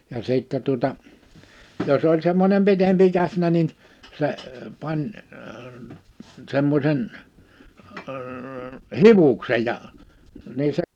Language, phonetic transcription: Finnish, ja 'sìttɛ tuᵒta , 'jos ‿oĺ -semmonem 'pitempi 'käsnä nin , 'se , 'pań , 'semmośen , əə "hivuksej ja , 'nii se ...
- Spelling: ja sitten tuota jos oli semmoinen pitempi känsä niin se pani semmoisen - hiuksen ja niin se

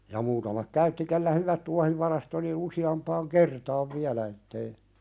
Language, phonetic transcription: Finnish, ja muutamak "käytti kellä "hyvät 'tuahivarast ‿oli ⁿⁱⁿ 'usi₍ampaaŋ "kertaav 'viälä ettei ,.
- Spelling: ja muutaman käytti kenellä hyvät tuohivarasto oli noin useampaan kertaan vielä että ei

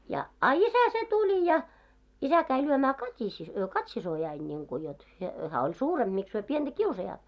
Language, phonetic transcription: Finnish, ja , 'a "isä se 'tuĺi ja , 'isä käi lyömää 'Kat́isi- "Kat́sisojain ńiŋku jot , he- , 'hää oĺ "suuremʙ miks hyö 'pienᴅä "kiusajaat .
- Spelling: ja a isä se tuli ja isä kävi lyömään - Kati-siskoani niin kuin jotta - hän oli suurempi miksi he pientä kiusaavat

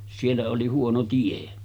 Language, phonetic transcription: Finnish, 'siellä oli 'huono 'tie .
- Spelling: siellä oli huono tie

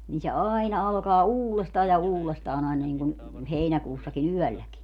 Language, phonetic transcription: Finnish, nii se 'aaina alkaa "uulestaa ja 'uulestaan ‿aina niŋkun , 'heinäkuussaki"n ‿yɔ̈̀lläki .
- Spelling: niin se aina alkaa uudestaan ja uudestaan aina niin kuin heinäkuussakin yölläkin

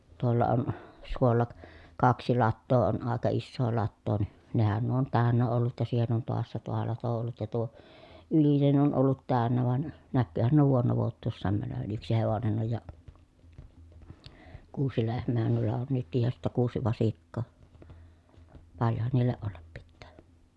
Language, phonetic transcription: Finnish, tuolla on , suolla k- , kaksi lattoo on àeka issoo lattoo ni , nehän nuo on tä̀önnä ollut ja siihen on toassa tuo lato ollut ja tuo , ylinen ollut tä̀önnä van , näkkyyhän nuo vuonna vuot̆tuussaam mänövän yksi hevonen oj ja , kuusi lehm̆meehän nuilla on nytkij ja sittä kuusi vasikkoo , paljohan niilleʼ ʼollap pittää .
- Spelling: tuolla on suolla - kaksi latoa on aika isoa latoa niin nehän nuo on täynnä ollut ja siihen on taassa tuo lato ollut ja tuo ylinen ollut täynnä vaan näkyyhän nuo vuonna vuotuisenaan menevän yksi hevonen on ja kuusi lehmäähän noilla on nytkin ja sitten kuusi vasikkaa paljonhan niillä olla pitää

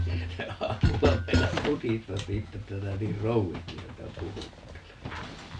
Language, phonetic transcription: Finnish, 'se 'aamulla 'meinas "mutistas 'siittä että » 'sinä 'niir "rouvisti 'häntä "puhuttelet » .
- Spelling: se aamulla meinasi mutista siitä että sinä niin krouvisti häntä puhuttelet

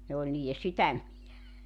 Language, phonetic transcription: Finnish, ne oĺ niijje 'sytämmijä .
- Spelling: ne oli niiden sydämiä

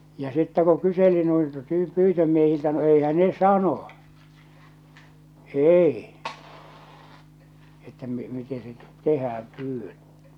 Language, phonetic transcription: Finnish, ja sittä ku 'kyseli nuilta tyy- , 'pyytömiehiltä no 'eihän ne "sano , "èi , että mi- , 'mite se 'tehääm pyy(wöt) .
- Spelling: ja sitten kun kyseli noilta - pyytömiehiltä no eihän ne sanoi ei että - miten se tehdään pyydöt

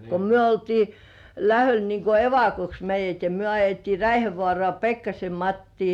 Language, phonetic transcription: Finnish, ko 'myö oltii , "lähöl niŋ ku "evakoks meij̆jät ja "myö ajettii 'Räihävŏàrŏà "Pekkasem 'Mattii .
- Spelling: kun me oltiin lähdöllä niin kun evakoksi meidät ja me ajettiin Räihävaaraan Pekkasen Mattia

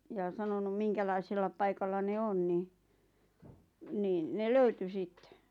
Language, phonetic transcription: Finnish, ja 'sanonum "miŋkälaisella paikalla ne "on ni , 'niin ne "löyty 'sittᴇ .
- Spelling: ja sanonut minkälaisella paikalla ne on niin niin ne löytyi sitten

